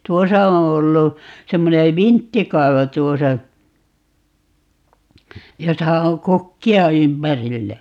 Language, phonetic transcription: Finnish, "tuosa oo̰ 'ollu , 'semmone "vinttikai̮vo 'tuosa , 'josa oŋ "kukki₍a 'ympärillä .
- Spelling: tuossa on ollut semmoinen vinttikaivo tuossa jossa on kukkia ympärillä

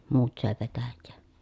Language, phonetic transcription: Finnish, muut sö̀e petäjjee .
- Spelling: muut söi petäjää

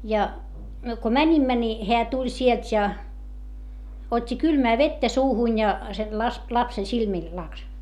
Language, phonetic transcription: Finnish, ja , myö ko mäńimmä ni , heä tuĺ sielt ja , ot́t́i kylmää vettä suuhuń ja , sen las- , lapsen silmìl laks .
- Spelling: ja me kun menimme niin hän tuli sieltä ja otti kylmää vettä suuhun ja sen - lapsen silmille laski

